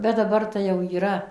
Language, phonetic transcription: Lithuanian, bet daˈbar tai ˈjau yˈra

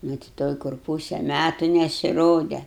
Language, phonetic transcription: Lithuanian, nu ti ˈtoj kur ˈpūse ˈmætu nesiˈrode

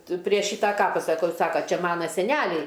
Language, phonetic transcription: Lithuanian, ˈtu prie ˈšytą ˈkapa saˈkau ˈsako ˈčia ˈmana seˈnæliai

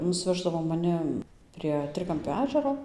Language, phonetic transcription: Lithuanian, nusˈveždavo maˈni an prie ˈtrikampio ˈežero

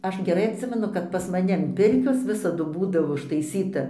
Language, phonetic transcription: Lithuanian, ˈaš geˈrai atˈsimenu kad pas maˈni an ˈpirkios ˈvisadu ˈbūdavo užtaiˈsyta

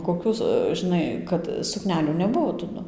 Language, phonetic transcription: Lithuanian, koˈkių žiˈnai kad suˈknelių neˈbuvo taˈdu

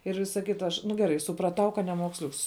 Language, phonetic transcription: Lithuanian, ir ˈvisa ˈkita ˈaš nu geˈrai supraˈtau kad nemuoksˈliuks

